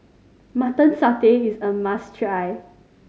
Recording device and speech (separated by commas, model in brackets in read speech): mobile phone (Samsung C5010), read sentence